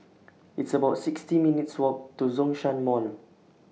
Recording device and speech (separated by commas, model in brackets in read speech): mobile phone (iPhone 6), read sentence